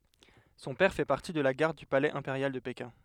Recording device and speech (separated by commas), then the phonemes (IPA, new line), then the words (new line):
headset microphone, read sentence
sɔ̃ pɛʁ fɛ paʁti də la ɡaʁd dy palɛz ɛ̃peʁjal də pekɛ̃
Son père fait partie de la garde du palais impérial de Pékin.